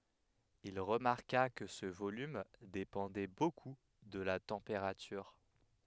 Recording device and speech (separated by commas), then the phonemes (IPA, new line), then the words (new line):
headset microphone, read sentence
il ʁəmaʁka kə sə volym depɑ̃dɛ boku də la tɑ̃peʁatyʁ
Il remarqua que ce volume dépendait beaucoup de la température.